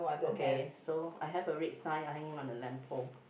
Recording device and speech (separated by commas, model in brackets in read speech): boundary microphone, conversation in the same room